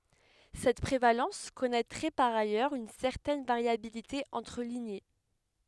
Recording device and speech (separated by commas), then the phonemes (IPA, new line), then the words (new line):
headset microphone, read sentence
sɛt pʁevalɑ̃s kɔnɛtʁɛ paʁ ajœʁz yn sɛʁtɛn vaʁjabilite ɑ̃tʁ liɲe
Cette prévalence connaîtrait par ailleurs une certaine variabilité entre lignées.